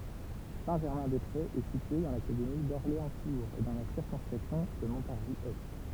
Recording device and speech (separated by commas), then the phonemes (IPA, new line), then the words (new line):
temple vibration pickup, read sentence
sɛ̃tʒɛʁmɛ̃dɛspʁez ɛ sitye dɑ̃ lakademi dɔʁleɑ̃stuʁz e dɑ̃ la siʁkɔ̃skʁipsjɔ̃ də mɔ̃taʁʒizɛst
Saint-Germain-des-Prés est situé dans l'académie d'Orléans-Tours et dans la circonscription de Montargis-Est.